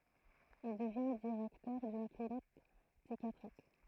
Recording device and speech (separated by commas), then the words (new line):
throat microphone, read sentence
Il devient directeur d'une clinique psychiatrique.